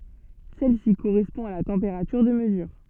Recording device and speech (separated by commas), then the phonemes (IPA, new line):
soft in-ear microphone, read sentence
sɛl si koʁɛspɔ̃ a la tɑ̃peʁatyʁ də məzyʁ